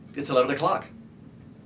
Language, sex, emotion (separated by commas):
English, male, neutral